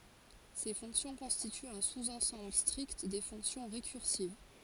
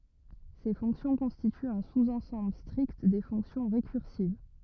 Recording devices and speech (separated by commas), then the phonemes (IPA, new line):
forehead accelerometer, rigid in-ear microphone, read sentence
se fɔ̃ksjɔ̃ kɔ̃stityt œ̃ suzɑ̃sɑ̃bl stʁikt de fɔ̃ksjɔ̃ ʁekyʁsiv